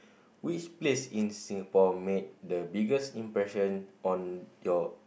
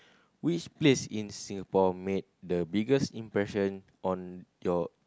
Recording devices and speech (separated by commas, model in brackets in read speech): boundary microphone, close-talking microphone, conversation in the same room